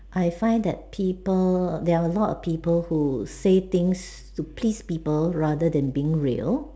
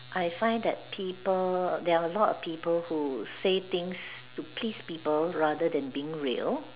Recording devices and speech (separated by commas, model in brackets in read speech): standing microphone, telephone, conversation in separate rooms